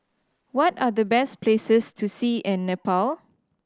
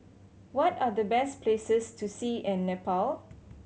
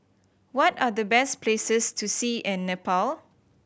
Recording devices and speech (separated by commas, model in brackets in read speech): standing microphone (AKG C214), mobile phone (Samsung C7100), boundary microphone (BM630), read sentence